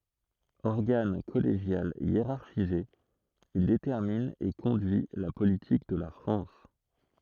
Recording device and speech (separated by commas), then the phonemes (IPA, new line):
throat microphone, read sentence
ɔʁɡan kɔleʒjal jeʁaʁʃize il detɛʁmin e kɔ̃dyi la politik də la fʁɑ̃s